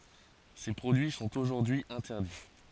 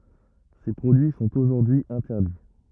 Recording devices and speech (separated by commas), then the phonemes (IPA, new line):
forehead accelerometer, rigid in-ear microphone, read sentence
se pʁodyi sɔ̃t oʒuʁdyi ɛ̃tɛʁdi